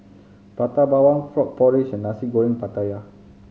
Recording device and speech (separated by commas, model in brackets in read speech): mobile phone (Samsung C5010), read sentence